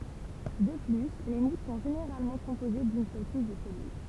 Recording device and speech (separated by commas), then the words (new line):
temple vibration pickup, read sentence
De plus, les mousses sont généralement composées d'une seule couche de cellule.